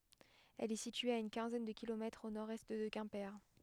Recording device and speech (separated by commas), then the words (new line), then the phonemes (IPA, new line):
headset microphone, read sentence
Elle est située à une quinzaine de kilomètres au nord-est de Quimper.
ɛl ɛ sitye a yn kɛ̃zɛn də kilomɛtʁz o noʁɛst də kɛ̃pe